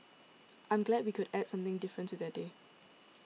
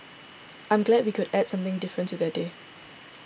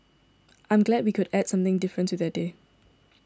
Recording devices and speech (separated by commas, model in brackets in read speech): mobile phone (iPhone 6), boundary microphone (BM630), standing microphone (AKG C214), read sentence